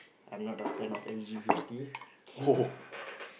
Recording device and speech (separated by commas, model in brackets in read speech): boundary microphone, conversation in the same room